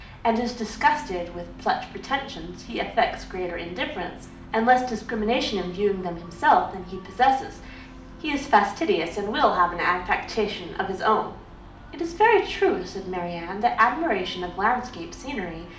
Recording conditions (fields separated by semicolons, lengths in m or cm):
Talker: one person; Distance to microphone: 2.0 m; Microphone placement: close; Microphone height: 99 cm; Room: medium-sized (5.7 m by 4.0 m); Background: music